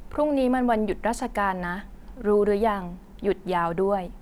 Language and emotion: Thai, neutral